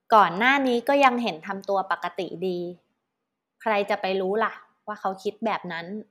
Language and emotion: Thai, neutral